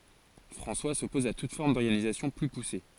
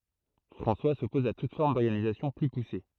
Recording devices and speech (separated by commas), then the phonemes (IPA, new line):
forehead accelerometer, throat microphone, read sentence
fʁɑ̃swa sɔpɔz a tut fɔʁm dɔʁɡanizasjɔ̃ ply puse